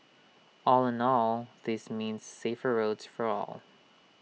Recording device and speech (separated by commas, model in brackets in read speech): mobile phone (iPhone 6), read sentence